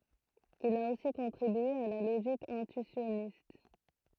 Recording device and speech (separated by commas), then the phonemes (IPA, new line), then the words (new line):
throat microphone, read sentence
il a osi kɔ̃tʁibye a la loʒik ɛ̃tyisjɔnist
Il a aussi contribué à la logique intuitionniste.